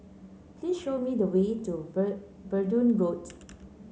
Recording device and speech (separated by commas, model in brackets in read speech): mobile phone (Samsung C9), read sentence